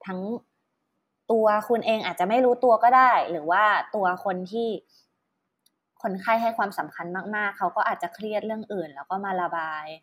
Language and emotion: Thai, neutral